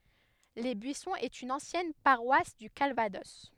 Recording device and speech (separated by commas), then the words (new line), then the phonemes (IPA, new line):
headset microphone, read sentence
Les Buissons est une ancienne paroisse du Calvados.
le byisɔ̃z ɛt yn ɑ̃sjɛn paʁwas dy kalvadɔs